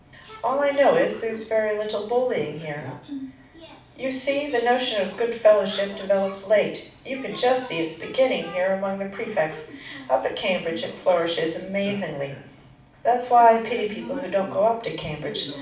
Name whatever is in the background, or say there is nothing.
A television.